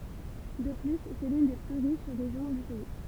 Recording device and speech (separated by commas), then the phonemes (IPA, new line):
temple vibration pickup, read sentence
də ply sɛ lyn de ply ʁiʃ ʁeʒjɔ̃ dy pɛi